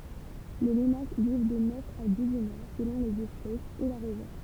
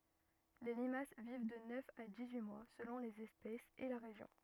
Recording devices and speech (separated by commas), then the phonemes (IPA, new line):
temple vibration pickup, rigid in-ear microphone, read sentence
le limas viv də nœf a dis yi mwa səlɔ̃ lez ɛspɛsz e la ʁeʒjɔ̃